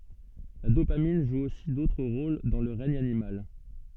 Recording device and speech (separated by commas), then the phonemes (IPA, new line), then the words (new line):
soft in-ear microphone, read sentence
la dopamin ʒu osi dotʁ ʁol dɑ̃ lə ʁɛɲ animal
La dopamine joue aussi d'autres rôles dans le règne animal.